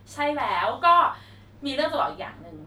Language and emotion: Thai, happy